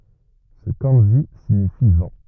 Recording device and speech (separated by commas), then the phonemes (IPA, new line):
rigid in-ear microphone, read sentence
sə kɑ̃ʒi siɲifi vɑ̃